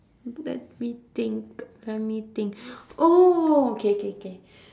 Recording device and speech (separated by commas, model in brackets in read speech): standing microphone, conversation in separate rooms